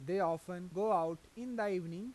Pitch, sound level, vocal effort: 185 Hz, 91 dB SPL, normal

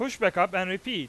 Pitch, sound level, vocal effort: 190 Hz, 100 dB SPL, very loud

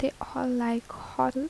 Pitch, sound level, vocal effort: 250 Hz, 74 dB SPL, soft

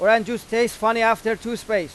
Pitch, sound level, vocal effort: 225 Hz, 99 dB SPL, very loud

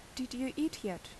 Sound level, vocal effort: 77 dB SPL, normal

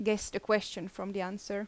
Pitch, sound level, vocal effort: 200 Hz, 81 dB SPL, normal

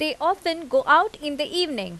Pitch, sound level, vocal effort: 300 Hz, 89 dB SPL, loud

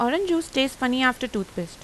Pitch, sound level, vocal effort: 255 Hz, 86 dB SPL, normal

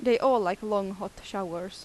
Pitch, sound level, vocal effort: 195 Hz, 86 dB SPL, normal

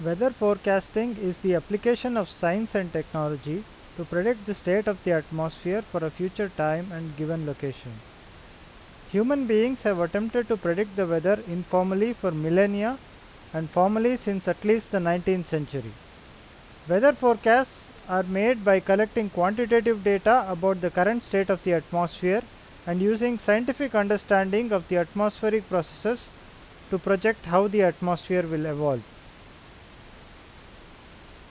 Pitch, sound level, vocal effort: 195 Hz, 89 dB SPL, loud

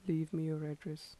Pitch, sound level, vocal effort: 155 Hz, 79 dB SPL, soft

